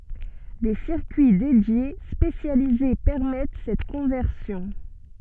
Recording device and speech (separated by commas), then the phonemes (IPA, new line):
soft in-ear microphone, read sentence
de siʁkyi dedje spesjalize pɛʁmɛt sɛt kɔ̃vɛʁsjɔ̃